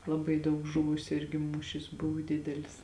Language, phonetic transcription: Lithuanian, laˈbai ˈdaug ˈžuvusiu ˈirgi ˈmūšis ˈbuvu ˈdidelis

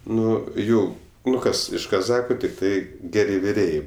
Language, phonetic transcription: Lithuanian, ˈnu ˈjau ˈnu ˈkas iš kaˈzacha tikˈtai ˈgeri viˈrėjai

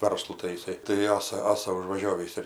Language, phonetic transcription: Lithuanian, ˈvarslu tai jiˈsai tai ˈasa ˈasa užvaˈžiovįs ir

